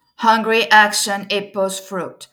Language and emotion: English, neutral